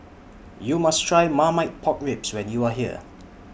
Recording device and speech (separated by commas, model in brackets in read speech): boundary microphone (BM630), read sentence